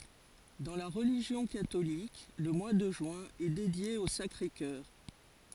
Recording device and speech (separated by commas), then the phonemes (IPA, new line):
forehead accelerometer, read sentence
dɑ̃ la ʁəliʒjɔ̃ katolik lə mwa də ʒyɛ̃ ɛ dedje o sakʁe kœʁ